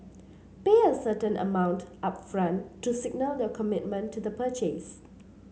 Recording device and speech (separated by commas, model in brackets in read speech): mobile phone (Samsung C7), read sentence